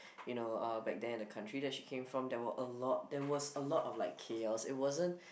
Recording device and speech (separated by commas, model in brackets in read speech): boundary microphone, conversation in the same room